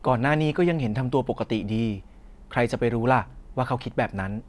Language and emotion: Thai, neutral